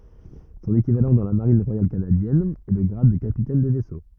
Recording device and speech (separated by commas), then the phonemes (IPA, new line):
rigid in-ear microphone, read sentence
sɔ̃n ekivalɑ̃ dɑ̃ la maʁin ʁwajal kanadjɛn ɛ lə ɡʁad də kapitɛn də vɛso